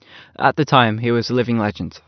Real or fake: real